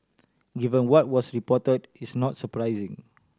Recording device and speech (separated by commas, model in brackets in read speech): standing microphone (AKG C214), read sentence